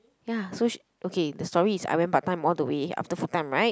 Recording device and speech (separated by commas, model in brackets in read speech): close-talking microphone, conversation in the same room